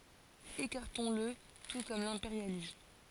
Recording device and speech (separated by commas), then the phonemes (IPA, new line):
forehead accelerometer, read sentence
ekaʁtɔ̃sl tu kɔm lɛ̃peʁjalism